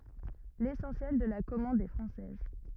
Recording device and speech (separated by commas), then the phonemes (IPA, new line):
rigid in-ear microphone, read sentence
lesɑ̃sjɛl də la kɔmɑ̃d ɛ fʁɑ̃sɛz